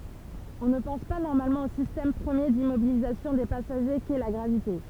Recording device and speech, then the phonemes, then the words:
temple vibration pickup, read sentence
ɔ̃ nə pɑ̃s pa nɔʁmalmɑ̃ o sistɛm pʁəmje dimmobilizasjɔ̃ de pasaʒe kɛ la ɡʁavite
On ne pense pas normalement au système premier d'immobilisation des passagers qu'est la gravité.

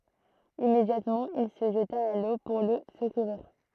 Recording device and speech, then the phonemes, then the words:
throat microphone, read sentence
immedjatmɑ̃ il sə ʒəta a lo puʁ lə səkuʁiʁ
Immédiatement, il se jeta à l’eau pour le secourir.

